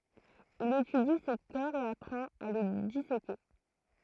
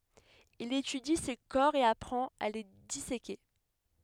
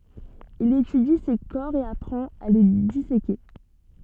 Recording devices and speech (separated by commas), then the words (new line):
throat microphone, headset microphone, soft in-ear microphone, read sentence
Il étudie ces corps et apprend à les disséquer.